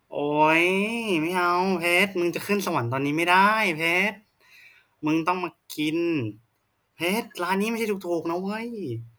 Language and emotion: Thai, happy